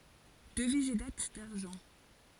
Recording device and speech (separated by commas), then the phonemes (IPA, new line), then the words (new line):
forehead accelerometer, read sentence
dəviz e dat daʁʒɑ̃
Devise et dates d'argent.